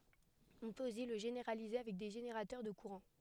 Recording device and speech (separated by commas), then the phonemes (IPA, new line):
headset microphone, read sentence
ɔ̃ pøt osi lə ʒeneʁalize avɛk de ʒeneʁatœʁ də kuʁɑ̃